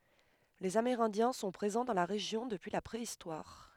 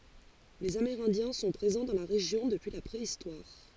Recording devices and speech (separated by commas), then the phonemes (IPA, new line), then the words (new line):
headset microphone, forehead accelerometer, read sentence
lez ameʁɛ̃djɛ̃ sɔ̃ pʁezɑ̃ dɑ̃ la ʁeʒjɔ̃ dəpyi la pʁeistwaʁ
Les Amérindiens sont présents dans la région depuis la préhistoire.